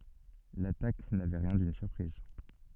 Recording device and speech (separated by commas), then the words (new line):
soft in-ear microphone, read sentence
L’attaque n’avait rien d’une surprise.